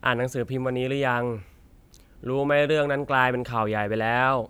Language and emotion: Thai, frustrated